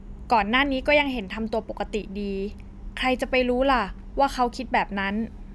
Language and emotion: Thai, neutral